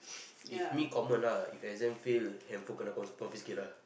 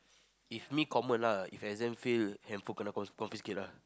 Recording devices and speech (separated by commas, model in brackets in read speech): boundary microphone, close-talking microphone, conversation in the same room